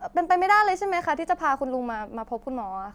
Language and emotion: Thai, sad